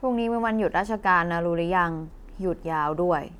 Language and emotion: Thai, frustrated